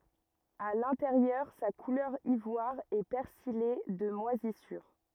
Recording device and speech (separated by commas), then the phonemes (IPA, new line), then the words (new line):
rigid in-ear microphone, read sentence
a lɛ̃teʁjœʁ sa kulœʁ ivwaʁ ɛ pɛʁsije də mwazisyʁ
À l'intérieur, sa couleur ivoire est persillée de moisissures.